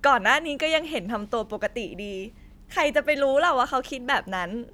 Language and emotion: Thai, happy